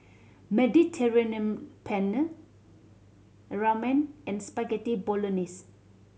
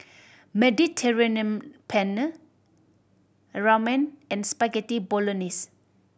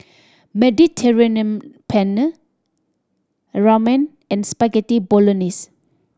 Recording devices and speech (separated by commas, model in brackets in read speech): mobile phone (Samsung C7100), boundary microphone (BM630), standing microphone (AKG C214), read sentence